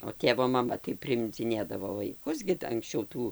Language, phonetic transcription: Lithuanian, o ˈtėvo maˈma tai priimdziˈnėdavo vaiˈkus gi d anksˈčiau ˈtų

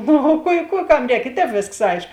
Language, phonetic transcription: Lithuanian, ˈnu o ˈkuo i ˈkų ˈkam ˈrēk i ˈtēp ˈvėsks ˈaišk

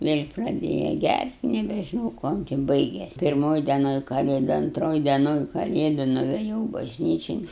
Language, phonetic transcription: Lithuanian, vėl' praˈdėja ˈgært' nebežiˈnau ˈkuom ti baigės' pirˈmoj deˈnoj kaˈlėdu anˈtroj deˈnon kaˈlėdu nuveˈjau bažˈnyčin

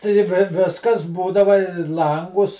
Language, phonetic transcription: Lithuanian, tai ˈvi ˈviskas ˈbūdava i ˈlangus

